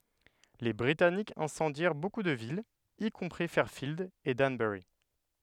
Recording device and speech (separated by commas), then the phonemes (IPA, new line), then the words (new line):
headset microphone, read sentence
le bʁitanikz ɛ̃sɑ̃djɛʁ boku də vilz i kɔ̃pʁi fɛʁfild e danbœʁi
Les Britanniques incendièrent beaucoup de villes, y compris Fairfield et Danbury.